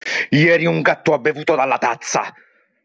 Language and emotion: Italian, angry